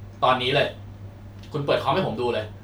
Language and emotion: Thai, frustrated